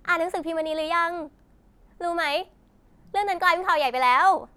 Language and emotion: Thai, happy